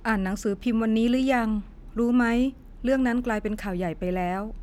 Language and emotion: Thai, neutral